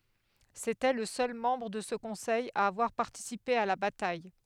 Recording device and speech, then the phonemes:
headset microphone, read sentence
setɛ lə sœl mɑ̃bʁ də sə kɔ̃sɛj a avwaʁ paʁtisipe a la bataj

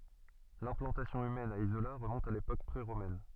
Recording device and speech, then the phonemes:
soft in-ear microphone, read sentence
lɛ̃plɑ̃tasjɔ̃ ymɛn a izola ʁəmɔ̃t a lepok pʁeʁomɛn

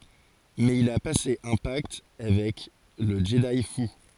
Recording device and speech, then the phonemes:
forehead accelerometer, read sentence
mɛz il a pase œ̃ pakt avɛk lə ʒədi fu

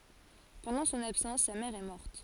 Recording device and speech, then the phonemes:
forehead accelerometer, read sentence
pɑ̃dɑ̃ sɔ̃n absɑ̃s sa mɛʁ ɛ mɔʁt

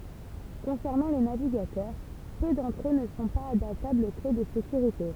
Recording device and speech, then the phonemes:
temple vibration pickup, read sentence
kɔ̃sɛʁnɑ̃ le naviɡatœʁ pø dɑ̃tʁ ø nə sɔ̃ paz adaptablz o kle də sekyʁite

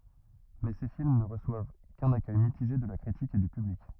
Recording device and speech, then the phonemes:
rigid in-ear microphone, read sentence
mɛ se film nə ʁəswav kœ̃n akœj mitiʒe də la kʁitik e dy pyblik

